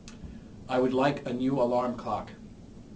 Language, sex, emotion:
English, male, neutral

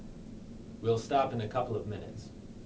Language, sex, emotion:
English, male, neutral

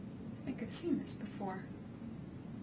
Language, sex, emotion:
English, female, neutral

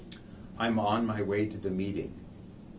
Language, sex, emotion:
English, male, neutral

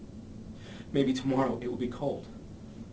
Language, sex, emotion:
English, male, fearful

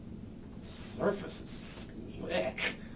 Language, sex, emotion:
English, male, disgusted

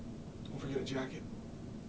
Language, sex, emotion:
English, male, neutral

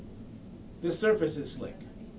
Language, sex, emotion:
English, male, neutral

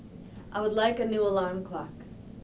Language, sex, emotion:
English, female, neutral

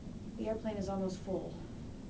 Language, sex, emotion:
English, female, neutral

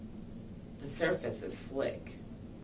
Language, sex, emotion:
English, female, neutral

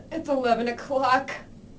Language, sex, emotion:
English, female, fearful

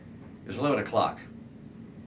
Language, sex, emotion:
English, male, neutral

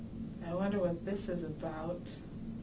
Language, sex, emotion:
English, female, fearful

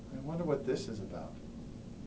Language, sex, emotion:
English, male, neutral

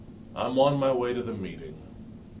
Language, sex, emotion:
English, male, neutral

